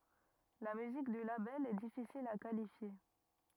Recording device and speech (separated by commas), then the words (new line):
rigid in-ear microphone, read sentence
La musique du label est difficile à qualifier.